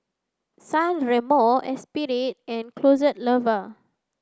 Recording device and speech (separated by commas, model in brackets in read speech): close-talking microphone (WH30), read sentence